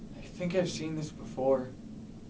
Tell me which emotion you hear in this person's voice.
neutral